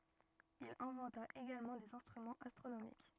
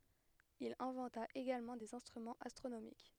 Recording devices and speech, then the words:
rigid in-ear microphone, headset microphone, read sentence
Il inventa également des instruments astronomiques.

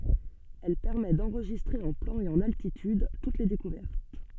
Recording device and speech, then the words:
soft in-ear microphone, read sentence
Elle permet d'enregistrer en plan et en altitude toutes les découvertes.

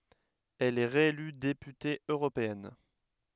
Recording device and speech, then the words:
headset microphone, read sentence
Elle est réélue députée européenne.

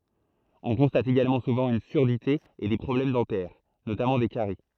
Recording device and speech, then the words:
throat microphone, read sentence
On constate également souvent une surdité et des problèmes dentaires, notamment des caries.

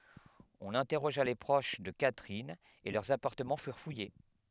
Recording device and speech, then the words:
headset microphone, read sentence
On interrogea les proches de Catherine, et leurs appartements furent fouillés.

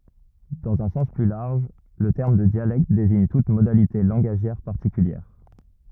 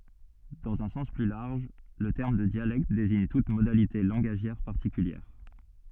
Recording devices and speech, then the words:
rigid in-ear microphone, soft in-ear microphone, read sentence
Dans un sens plus large, le terme de dialecte désigne toute modalité langagière particulière.

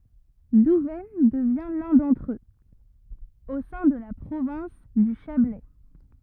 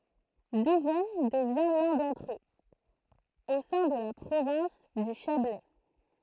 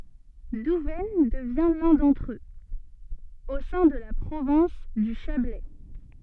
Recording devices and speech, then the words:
rigid in-ear microphone, throat microphone, soft in-ear microphone, read sentence
Douvaine devient l'un d'entre eux, au sein de la province du Chablais.

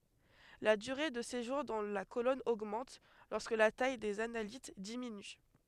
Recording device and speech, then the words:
headset microphone, read sentence
La durée de séjour dans la colonne augmente lorsque la taille des analytes diminue.

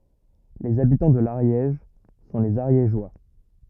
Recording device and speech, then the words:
rigid in-ear microphone, read sentence
Les habitants de l'Ariège sont les Ariégeois.

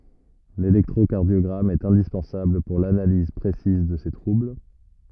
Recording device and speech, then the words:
rigid in-ear microphone, read sentence
L'électrocardiogramme est indispensable pour l'analyse précise de ces troubles.

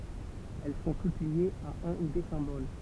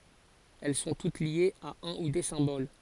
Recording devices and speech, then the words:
temple vibration pickup, forehead accelerometer, read sentence
Elles sont toutes liées à un ou des symboles.

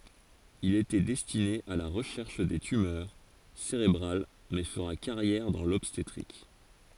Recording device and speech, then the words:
forehead accelerometer, read sentence
Il était destiné à la recherche des tumeurs cérébrales mais fera carrière dans l'obstétrique.

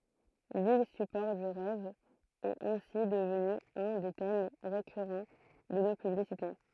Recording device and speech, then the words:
throat microphone, read sentence
L'île support du rêve est ainsi devenue un des thèmes récurrent de nos publicités.

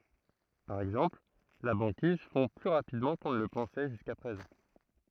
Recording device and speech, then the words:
throat microphone, read sentence
Par exemple, la banquise fond plus rapidement qu'on ne le pensait jusqu'à présent.

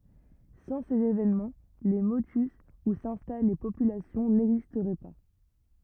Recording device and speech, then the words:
rigid in-ear microphone, read sentence
Sans ces événements, les motus où s'installent les populations n'existeraient pas.

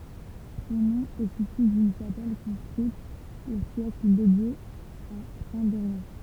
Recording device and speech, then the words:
temple vibration pickup, read sentence
Son nom est issu d'une chapelle, construite au siècle, dédiée à Saint-Derrien.

